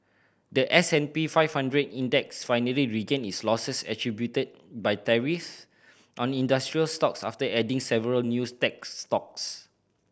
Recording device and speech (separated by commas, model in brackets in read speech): boundary microphone (BM630), read sentence